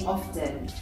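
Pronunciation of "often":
In 'often', the T is pronounced, the way it is said in the US.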